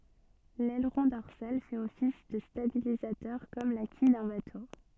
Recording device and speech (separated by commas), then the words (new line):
soft in-ear microphone, read sentence
L'aileron dorsal fait office de stabilisateur comme la quille d'un bateau.